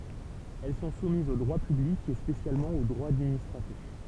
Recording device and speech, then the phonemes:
temple vibration pickup, read sentence
ɛl sɔ̃ sumizz o dʁwa pyblik e spesjalmɑ̃ o dʁwa administʁatif

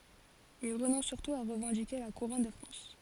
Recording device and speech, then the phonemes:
forehead accelerometer, read sentence
il ʁənɔ̃s syʁtu a ʁəvɑ̃dike la kuʁɔn də fʁɑ̃s

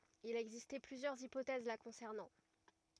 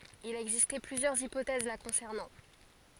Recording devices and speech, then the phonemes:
rigid in-ear microphone, forehead accelerometer, read sentence
il a ɛɡziste plyzjœʁz ipotɛz la kɔ̃sɛʁnɑ̃

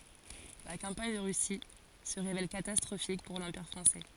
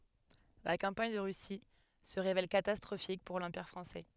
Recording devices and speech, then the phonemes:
forehead accelerometer, headset microphone, read sentence
la kɑ̃paɲ də ʁysi sə ʁevɛl katastʁofik puʁ lɑ̃piʁ fʁɑ̃sɛ

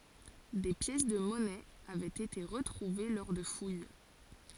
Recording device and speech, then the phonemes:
forehead accelerometer, read sentence
de pjɛs də mɔnɛz avɛt ete ʁətʁuve lɔʁ də fuj

